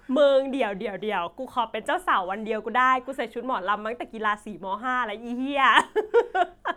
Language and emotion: Thai, happy